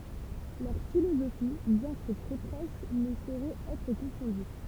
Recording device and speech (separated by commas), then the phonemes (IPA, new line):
temple vibration pickup, read sentence
lœʁ filozofi bjɛ̃ kə tʁɛ pʁoʃ nə soʁɛt ɛtʁ kɔ̃fɔ̃dy